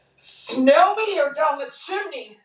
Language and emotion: English, disgusted